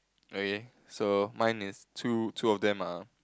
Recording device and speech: close-talking microphone, conversation in the same room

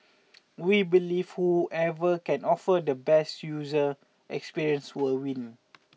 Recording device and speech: mobile phone (iPhone 6), read sentence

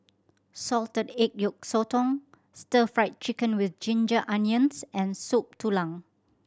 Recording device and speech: standing microphone (AKG C214), read sentence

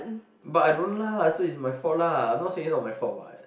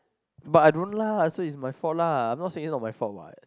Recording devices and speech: boundary microphone, close-talking microphone, conversation in the same room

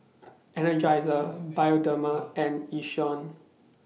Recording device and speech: mobile phone (iPhone 6), read sentence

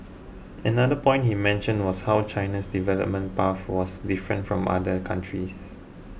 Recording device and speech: boundary microphone (BM630), read sentence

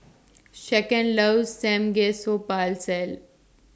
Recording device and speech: standing microphone (AKG C214), read sentence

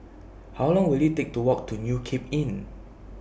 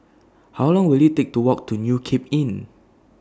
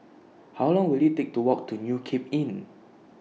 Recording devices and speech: boundary microphone (BM630), standing microphone (AKG C214), mobile phone (iPhone 6), read sentence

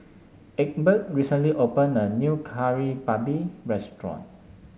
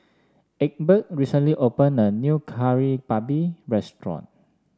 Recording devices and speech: mobile phone (Samsung S8), standing microphone (AKG C214), read sentence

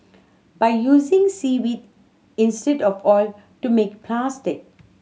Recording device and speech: mobile phone (Samsung C7100), read sentence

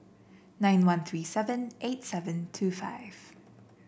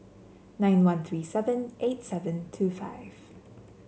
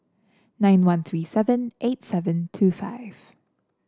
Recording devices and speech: boundary microphone (BM630), mobile phone (Samsung C7), standing microphone (AKG C214), read sentence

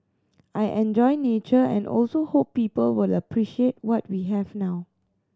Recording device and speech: standing microphone (AKG C214), read sentence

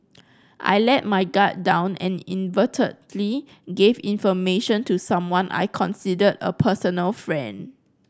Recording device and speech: close-talking microphone (WH30), read sentence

